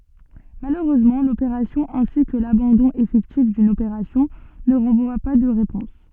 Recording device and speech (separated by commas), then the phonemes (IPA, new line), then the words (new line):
soft in-ear microphone, read sentence
maløʁøzmɑ̃ lopeʁasjɔ̃ ɛ̃si kə labɑ̃dɔ̃ efɛktif dyn opeʁasjɔ̃ nə ʁɑ̃vwa pa də ʁepɔ̃s
Malheureusement, l'opération ainsi que l'abandon effectif d'une opération ne renvoient pas de réponse.